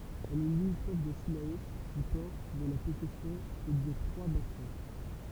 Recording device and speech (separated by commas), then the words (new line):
temple vibration pickup, read sentence
Elle est limitrophe de Cilaos, du Port, de La Possession et de Trois-Bassins.